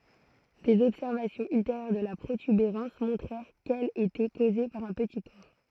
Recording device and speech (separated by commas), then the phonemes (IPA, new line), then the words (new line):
throat microphone, read sentence
dez ɔbsɛʁvasjɔ̃z ylteʁjœʁ də la pʁotybeʁɑ̃s mɔ̃tʁɛʁ kɛl etɛ koze paʁ œ̃ pəti kɔʁ
Des observations ultérieures de la protubérance montrèrent qu'elle était causée par un petit corps.